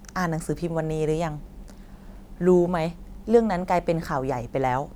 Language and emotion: Thai, frustrated